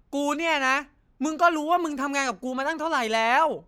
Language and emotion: Thai, angry